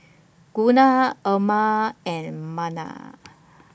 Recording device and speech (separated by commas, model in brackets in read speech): boundary microphone (BM630), read sentence